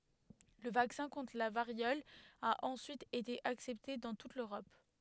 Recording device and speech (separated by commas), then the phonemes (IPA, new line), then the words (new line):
headset microphone, read sentence
lə vaksɛ̃ kɔ̃tʁ la vaʁjɔl a ɑ̃syit ete aksɛpte dɑ̃ tut løʁɔp
Le vaccin contre la variole a ensuite été accepté dans toute l'Europe.